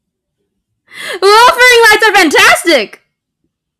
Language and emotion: English, sad